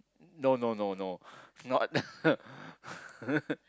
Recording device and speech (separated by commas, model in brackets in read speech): close-talking microphone, conversation in the same room